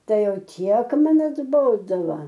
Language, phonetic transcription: Lithuanian, ˈtai ˈjau ˈtiek ˈman atˈbodova

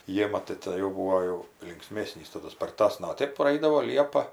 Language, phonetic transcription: Lithuanian, ˈjėma tai ˈtėn jau ˈbūo jau linkˈsmesnys taˈdu sparˈtasna o ˈtėp praˈaidavo ˈliepa

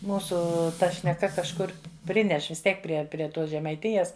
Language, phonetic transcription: Lithuanian, ˈmūsu ˈta šneˈka kažˈkur ˈprineš vis ˈtiek ˈprie prie ˈtos žemaiˈtijes

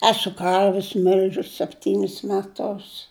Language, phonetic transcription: Lithuanian, ˈesu ˈkarvis ˈmil'žius sepˈtynis meˈtus

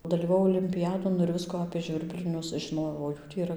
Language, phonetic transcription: Lithuanian, dalyvaˈvau olimpiˈjadon ir ˈvisku apė ˈžvirblinius žiˈnojau o ˈjų tį yˈra

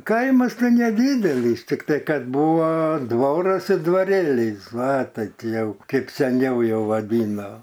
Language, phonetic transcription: Lithuanian, ˈkaimas ˈtai neˈdydelys tikˈtai ˈkad ˈbūva ˈdvoras ir dvaˈrelys ˈva ˈtai ˈti ˈjau ˈkeip seˈniau ˈjau vaˈdyno

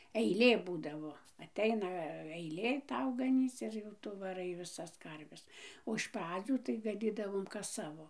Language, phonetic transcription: Lithuanian, eiˈlė ˈbūdavo aˈteina aiˈlė ˈtau gaˈnyc ir jau ˈtu vaˈrai viˈsas ˈkarves o iš ˈpradzių tai gaˈnydavom kas ˈsavo

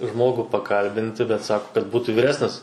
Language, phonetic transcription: Lithuanian, ˈžmogų paˈkalbinti bet ˈsaku kad ˈbūtų vyˈresnis

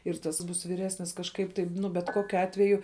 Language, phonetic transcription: Lithuanian, ir ˈtas ˈbūs vyˈresnis kažˈkaip taip ˈnu bet ˈkokiu ˈatveju

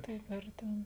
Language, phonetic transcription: Lithuanian, ˈtaip ˈar ten

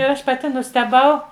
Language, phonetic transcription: Lithuanian, ir ˈaš paˈti nusteˈbau

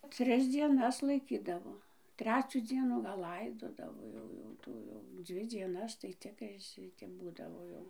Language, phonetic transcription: Lithuanian, ˈtris dzieˈnas laiˈkydavo ˈtrecių ˈdzienų gal ˈlaidodavo ˈjau jau ˈtų jau ˈdzvi dieˈnas tai ˈcikrai ˈšitep ˈbūdavo jau

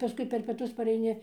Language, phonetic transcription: Lithuanian, paˈskui per pieˈtus pareiˈni

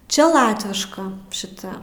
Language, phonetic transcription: Lithuanian, ˈčia ˈlatviška šiˈta

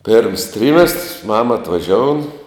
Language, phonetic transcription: Lithuanian, pėrms ˈtrymestrs ˈmama atvaˈžioun

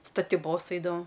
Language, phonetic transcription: Lithuanian, statiˈbos ˈeidavom

